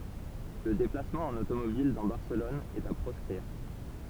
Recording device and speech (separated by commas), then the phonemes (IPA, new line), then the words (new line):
temple vibration pickup, read sentence
lə deplasmɑ̃ ɑ̃n otomobil dɑ̃ baʁsəlɔn ɛt a pʁɔskʁiʁ
Le déplacement en automobile dans Barcelone est à proscrire.